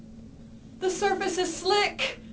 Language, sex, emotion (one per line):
English
female
fearful